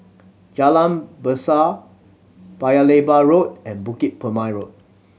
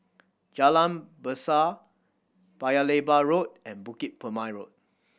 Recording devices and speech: mobile phone (Samsung C7100), boundary microphone (BM630), read sentence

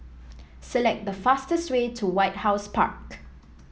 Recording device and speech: mobile phone (iPhone 7), read sentence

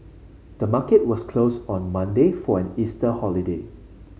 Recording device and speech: mobile phone (Samsung C5), read sentence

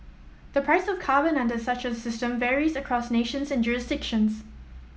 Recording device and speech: mobile phone (iPhone 7), read sentence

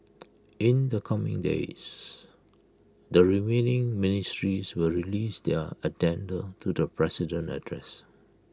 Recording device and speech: close-talking microphone (WH20), read sentence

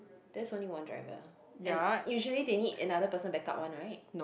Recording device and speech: boundary microphone, conversation in the same room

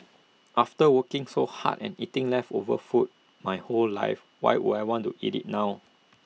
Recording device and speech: mobile phone (iPhone 6), read sentence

